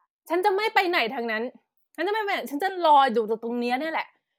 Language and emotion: Thai, angry